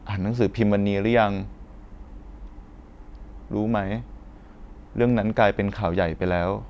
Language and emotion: Thai, sad